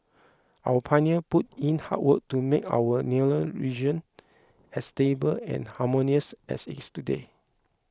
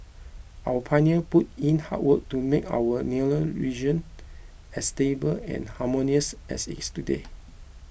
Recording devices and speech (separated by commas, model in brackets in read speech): close-talking microphone (WH20), boundary microphone (BM630), read sentence